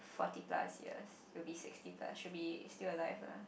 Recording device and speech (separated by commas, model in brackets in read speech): boundary microphone, conversation in the same room